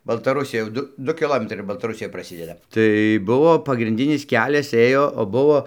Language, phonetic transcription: Lithuanian, baltaˈrusija jau ˈdu ˈdu kiˈlometrai ir baltaˈrusija praˈsideda tai ˈbuvo pagrinˈdinis ˈkelias ˈėjo o ˈbuvo

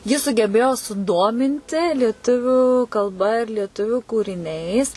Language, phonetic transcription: Lithuanian, ji sugeˈbėjo suˈdominti lieˈtuviu kalˈba ir lieˈtuviu kūriˈniais

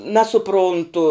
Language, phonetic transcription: Lithuanian, nasuˈpruntu

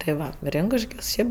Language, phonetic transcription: Lithuanian, tai ˈva ˈrinkuškios ˈšiaip

